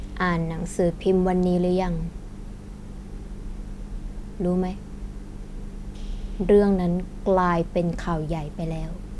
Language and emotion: Thai, frustrated